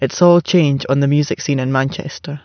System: none